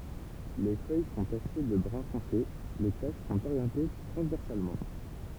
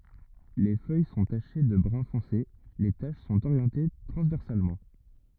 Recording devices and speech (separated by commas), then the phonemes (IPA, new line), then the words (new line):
temple vibration pickup, rigid in-ear microphone, read sentence
le fœj sɔ̃ taʃe də bʁœ̃ fɔ̃se le taʃ sɔ̃t oʁjɑ̃te tʁɑ̃zvɛʁsalmɑ̃
Les feuilles sont tachées de brun foncé, les taches sont orientées transversalement.